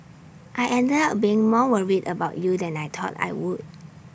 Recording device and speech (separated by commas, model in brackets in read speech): boundary microphone (BM630), read sentence